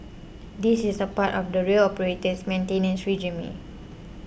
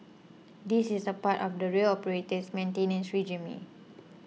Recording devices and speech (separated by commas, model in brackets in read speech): boundary microphone (BM630), mobile phone (iPhone 6), read sentence